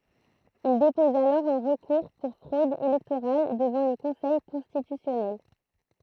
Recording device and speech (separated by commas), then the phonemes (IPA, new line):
throat microphone, read sentence
il depɔz alɔʁ œ̃ ʁəkuʁ puʁ fʁod elɛktoʁal dəvɑ̃ lə kɔ̃sɛj kɔ̃stitysjɔnɛl